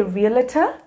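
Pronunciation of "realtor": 'Realtor' is pronounced incorrectly here.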